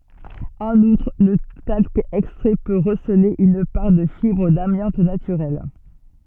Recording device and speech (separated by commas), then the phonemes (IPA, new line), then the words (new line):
soft in-ear microphone, read sentence
ɑ̃n utʁ lə talk ɛkstʁɛ pø ʁəsəle yn paʁ də fibʁ damjɑ̃t natyʁɛl
En outre, le talc extrait peut receler une part de fibres d'amiante naturelle.